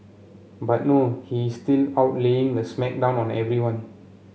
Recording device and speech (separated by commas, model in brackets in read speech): mobile phone (Samsung C7), read sentence